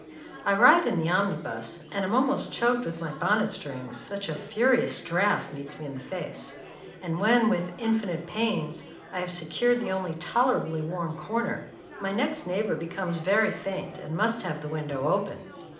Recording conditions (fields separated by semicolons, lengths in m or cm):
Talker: one person; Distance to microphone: 2.0 m; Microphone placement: close; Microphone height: 99 cm; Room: medium-sized (5.7 m by 4.0 m); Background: babble